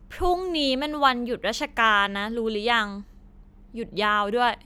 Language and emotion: Thai, frustrated